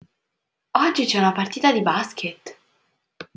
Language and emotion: Italian, surprised